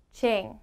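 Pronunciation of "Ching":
The word said is 'ching', not 'chin'.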